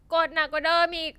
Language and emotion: Thai, frustrated